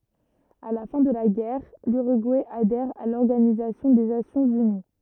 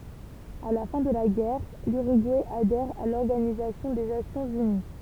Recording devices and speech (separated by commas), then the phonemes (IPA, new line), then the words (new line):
rigid in-ear microphone, temple vibration pickup, read sentence
a la fɛ̃ də la ɡɛʁ lyʁyɡuɛ adɛʁ a lɔʁɡanizasjɔ̃ de nasjɔ̃z yni
À la fin de la guerre, l'Uruguay adhère à l'Organisation des Nations unies.